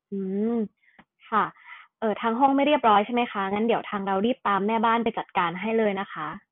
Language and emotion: Thai, neutral